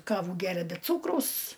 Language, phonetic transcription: Lithuanian, ˈkavų ˈgeria be ˈcūkraus

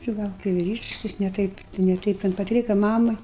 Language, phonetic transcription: Lithuanian, či ˈgal kai viˈryšks ˈjis ne ˈtaip ne ˈtaip ten paˈtryka ˈmama

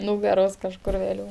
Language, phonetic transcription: Lithuanian, ˈnūgaros kažˈkur vėˈliū

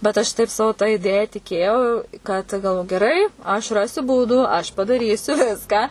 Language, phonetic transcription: Lithuanian, bet aš ˈtaip ˈsavu ta iˈdėja tiˈkėjau ˈkad galv geˈrai aš ˈrasiu ˈbūdų aš padaˈrysiu ˈviską

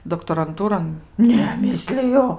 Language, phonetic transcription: Lithuanian, doktoranˈtūron ˈne ˈmisliju

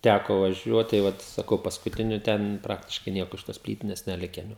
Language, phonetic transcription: Lithuanian, ˈtæko vaˈžiuot tai ˈvat saˈkau paskuˈtiniu ˈten ˈpraktiškai ˈnieko iš tos ˈplytines neˈliken jau

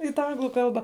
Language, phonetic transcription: Lithuanian, i tą ˈanglu ˈkalbą

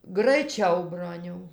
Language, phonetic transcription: Lithuanian, graiˈčiau ˈbroniau

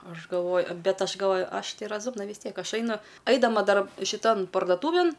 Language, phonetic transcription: Lithuanian, ˈaš galˈvoj ˈbet ˈaš galˈvoj ˈaš ˈtai raˈzumna vis ˈtiek ˈaš ˈainu ˈaidama ˈdar šiˈtan pardoˈtūvėn

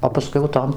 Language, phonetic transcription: Lithuanian, o paˈskui jau ˈtom

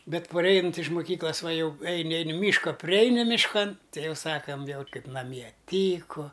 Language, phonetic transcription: Lithuanian, ˈbet paˈreinant' iš muˈkyklas va ˈjau ˈeini ˈeini ˈmyška priˈeini mišˈkan ˈtei ˈjau ˈsakam ˈviel ˈkaip naˈmie ˈtyku

